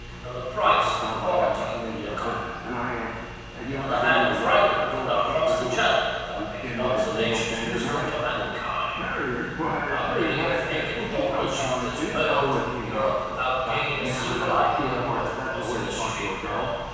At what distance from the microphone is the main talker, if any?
7.1 m.